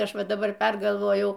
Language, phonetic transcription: Lithuanian, ˈaš ˈva daˈbar ˈpergalvojau

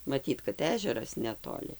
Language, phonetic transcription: Lithuanian, maˈtyt kad ˈežeras netoˈli

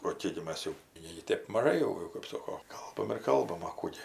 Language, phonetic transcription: Lithuanian, o ˈkėk gi ˈmas jau ˈnėgi ˈtėp maˈžai jau kap ˈsoko ˈkalbam ir ˈkalbam a ˈkų gi

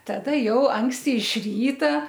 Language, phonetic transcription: Lithuanian, taˈda ˈjau ˈanksti iš ˈryta

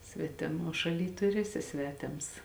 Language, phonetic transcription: Lithuanian, ˈsvetiˌmuo ˌšaˌly tu ir ˈeˌsi ˈsveˌtėms

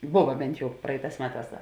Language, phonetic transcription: Lithuanian, ˈbuva ˈbent ˈjau ˈpraiˌtās ˈmeˌtās ˈda

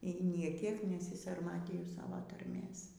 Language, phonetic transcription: Lithuanian, y ˈnė ˈkiek nesisarˈmatyju ˈsavo tarˈmės

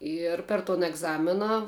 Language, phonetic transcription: Lithuanian, ˈir per ton egˈzamina

